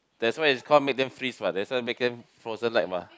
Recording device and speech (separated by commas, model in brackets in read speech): close-talking microphone, conversation in the same room